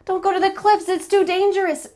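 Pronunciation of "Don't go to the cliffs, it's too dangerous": The sentence is said quickly, and 'cliffs' links into 'it's' with a z sound instead of an s.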